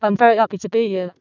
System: VC, vocoder